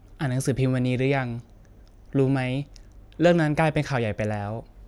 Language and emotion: Thai, neutral